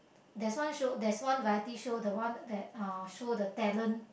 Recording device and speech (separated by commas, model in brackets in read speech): boundary microphone, conversation in the same room